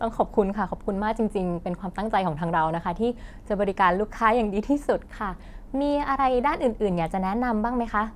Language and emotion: Thai, happy